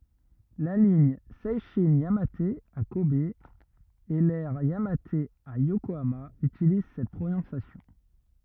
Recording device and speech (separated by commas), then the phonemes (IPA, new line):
rigid in-ear microphone, read sentence
la liɲ sɛʃɛ̃ jamat a kɔb e lɛʁ jamat a jokoama ytiliz sɛt pʁonɔ̃sjasjɔ̃